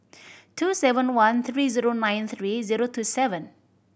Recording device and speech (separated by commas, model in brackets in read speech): boundary microphone (BM630), read sentence